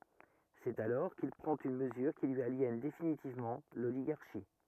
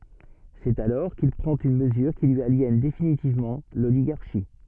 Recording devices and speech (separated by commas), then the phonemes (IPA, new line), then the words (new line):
rigid in-ear microphone, soft in-ear microphone, read sentence
sɛt alɔʁ kil pʁɑ̃t yn məzyʁ ki lyi aljɛn definitivmɑ̃ loliɡaʁʃi
C'est alors qu'il prend une mesure qui lui aliène définitivement l'oligarchie.